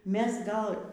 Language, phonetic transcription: Lithuanian, ˈmes ˈgal

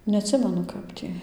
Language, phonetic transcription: Lithuanian, neatˈsimenu ˈkap tį

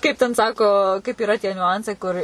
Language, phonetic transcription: Lithuanian, ˈkaip ten ˈsako kaip yˈra tie niuˈancai ˈkur

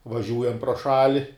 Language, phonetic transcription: Lithuanian, vaˈžiūjam pro ˈšali

